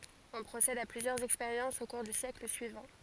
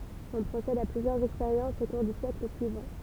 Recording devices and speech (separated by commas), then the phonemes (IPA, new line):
forehead accelerometer, temple vibration pickup, read sentence
ɔ̃ pʁosɛd a plyzjœʁz ɛkspeʁjɑ̃sz o kuʁ dy sjɛkl syivɑ̃